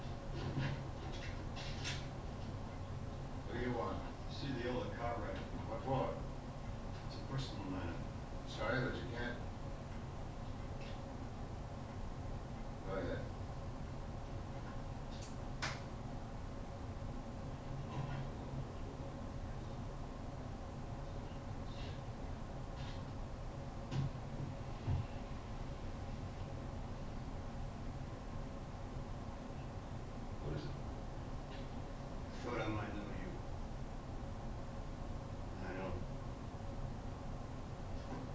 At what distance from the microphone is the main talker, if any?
No main talker.